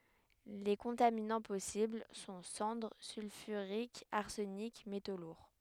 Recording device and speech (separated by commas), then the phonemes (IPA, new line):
headset microphone, read sentence
le kɔ̃taminɑ̃ pɔsibl sɔ̃ sɑ̃dʁ sylfyʁikz aʁsənik meto luʁ